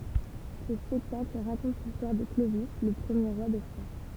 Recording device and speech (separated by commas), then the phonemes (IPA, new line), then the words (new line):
temple vibration pickup, read sentence
sə spɛktakl ʁakɔ̃t listwaʁ də klovi lə pʁəmje ʁwa de fʁɑ̃
Ce spectacle raconte l'histoire de Clovis le premier roi des Francs.